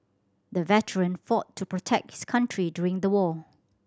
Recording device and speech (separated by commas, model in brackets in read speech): standing microphone (AKG C214), read sentence